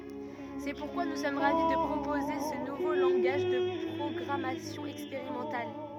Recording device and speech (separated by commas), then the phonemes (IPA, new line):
rigid in-ear microphone, read sentence
sɛ puʁkwa nu sɔm ʁavi də pʁopoze sə nuvo lɑ̃ɡaʒ də pʁɔɡʁamasjɔ̃ ɛkspeʁimɑ̃tal